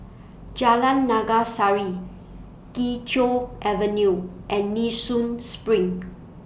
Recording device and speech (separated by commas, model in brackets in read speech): boundary microphone (BM630), read sentence